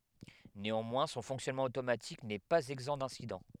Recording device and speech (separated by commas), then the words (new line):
headset microphone, read sentence
Néanmoins, son fonctionnement automatique n'est pas exempt d'incidents.